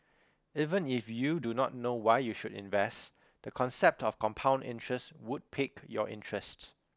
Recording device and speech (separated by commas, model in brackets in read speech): close-talking microphone (WH20), read sentence